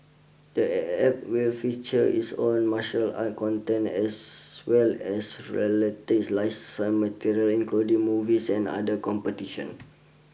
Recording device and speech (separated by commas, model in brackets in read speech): boundary microphone (BM630), read sentence